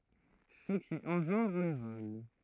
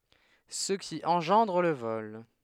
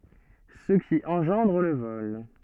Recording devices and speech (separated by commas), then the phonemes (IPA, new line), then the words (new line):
throat microphone, headset microphone, soft in-ear microphone, read sentence
sə ki ɑ̃ʒɑ̃dʁ lə vɔl
Ce qui engendre le vol.